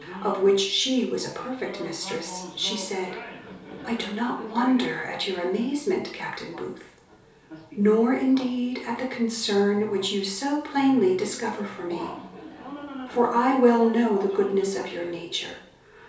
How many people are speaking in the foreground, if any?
One person.